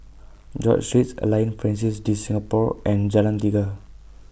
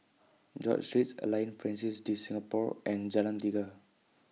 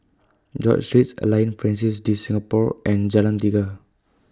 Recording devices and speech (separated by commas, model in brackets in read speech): boundary microphone (BM630), mobile phone (iPhone 6), close-talking microphone (WH20), read sentence